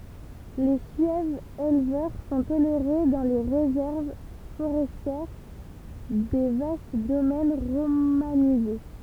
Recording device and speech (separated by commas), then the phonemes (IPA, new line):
temple vibration pickup, read sentence
le syɛvz elvœʁ sɔ̃ toleʁe dɑ̃ le ʁezɛʁv foʁɛstjɛʁ de vast domɛn ʁomanize